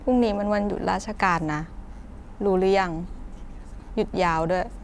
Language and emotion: Thai, frustrated